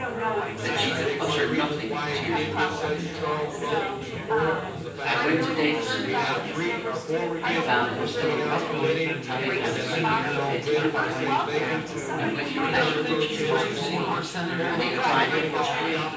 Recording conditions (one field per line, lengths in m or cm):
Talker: one person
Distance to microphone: 9.8 m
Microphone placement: far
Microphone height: 1.8 m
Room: large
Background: babble